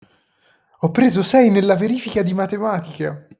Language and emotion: Italian, happy